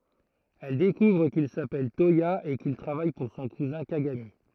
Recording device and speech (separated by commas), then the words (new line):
throat microphone, read sentence
Elle découvre qu'il s'appelle Toya et qu'il travaille pour son cousin Kagami.